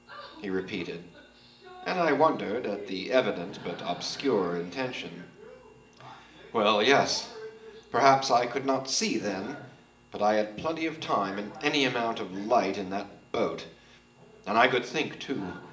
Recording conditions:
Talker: one person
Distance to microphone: 1.8 m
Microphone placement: close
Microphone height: 1.0 m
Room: large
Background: television

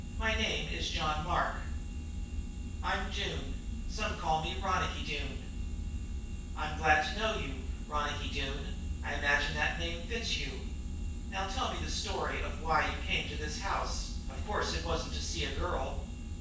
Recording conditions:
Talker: one person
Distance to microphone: 9.8 m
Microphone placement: far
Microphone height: 1.8 m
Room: large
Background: none

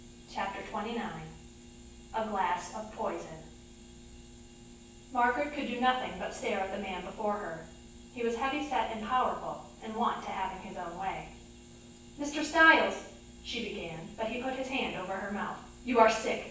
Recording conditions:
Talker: one person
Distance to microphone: 9.8 m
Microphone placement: far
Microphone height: 1.8 m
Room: large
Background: none

